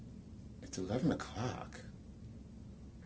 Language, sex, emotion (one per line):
English
male
disgusted